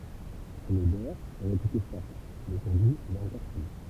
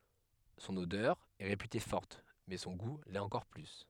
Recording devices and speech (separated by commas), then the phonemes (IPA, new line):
temple vibration pickup, headset microphone, read sentence
sɔ̃n odœʁ ɛ ʁepyte fɔʁt mɛ sɔ̃ ɡu lɛt ɑ̃kɔʁ ply